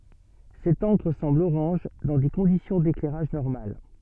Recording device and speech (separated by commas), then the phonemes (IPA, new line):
soft in-ear microphone, read sentence
sɛt ɑ̃kʁ sɑ̃bl oʁɑ̃ʒ dɑ̃ de kɔ̃disjɔ̃ deklɛʁaʒ nɔʁmal